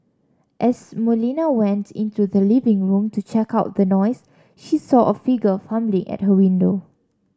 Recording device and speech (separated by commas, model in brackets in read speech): standing microphone (AKG C214), read sentence